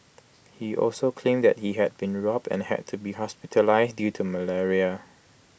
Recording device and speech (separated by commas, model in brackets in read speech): boundary microphone (BM630), read sentence